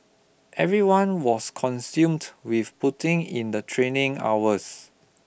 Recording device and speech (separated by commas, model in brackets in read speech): boundary microphone (BM630), read sentence